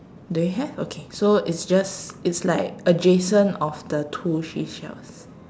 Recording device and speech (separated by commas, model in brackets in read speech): standing microphone, conversation in separate rooms